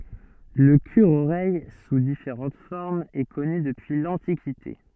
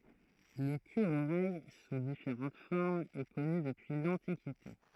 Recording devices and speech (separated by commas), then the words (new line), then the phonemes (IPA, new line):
soft in-ear microphone, throat microphone, read sentence
Le cure-oreille, sous différentes formes, est connu depuis l'Antiquité.
lə kyʁəoʁɛj su difeʁɑ̃t fɔʁmz ɛ kɔny dəpyi lɑ̃tikite